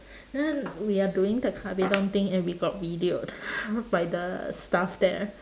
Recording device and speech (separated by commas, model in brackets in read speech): standing microphone, conversation in separate rooms